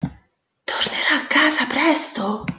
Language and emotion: Italian, surprised